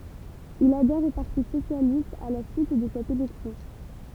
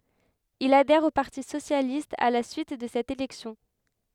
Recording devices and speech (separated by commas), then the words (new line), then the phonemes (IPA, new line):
temple vibration pickup, headset microphone, read sentence
Il adhère au Parti socialiste à la suite de cette élection.
il adɛʁ o paʁti sosjalist a la syit də sɛt elɛksjɔ̃